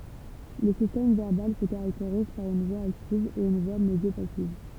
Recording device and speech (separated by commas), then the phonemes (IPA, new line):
temple vibration pickup, read sentence
lə sistɛm vɛʁbal sə kaʁakteʁiz paʁ yn vwa aktiv e yn vwa medjopasiv